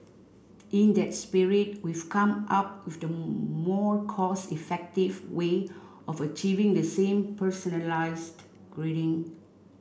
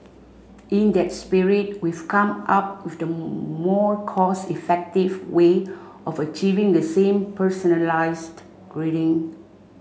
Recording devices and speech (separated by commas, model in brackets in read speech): boundary microphone (BM630), mobile phone (Samsung C5), read sentence